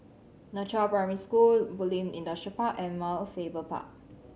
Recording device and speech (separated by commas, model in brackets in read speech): mobile phone (Samsung C7100), read sentence